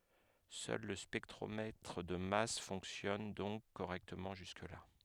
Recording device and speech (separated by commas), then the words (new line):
headset microphone, read sentence
Seul le spectromètre de masse fonctionne donc correctement jusque-là.